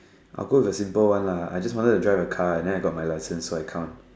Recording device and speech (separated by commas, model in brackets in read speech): standing microphone, conversation in separate rooms